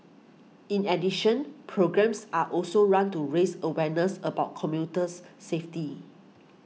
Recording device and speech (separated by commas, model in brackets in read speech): mobile phone (iPhone 6), read sentence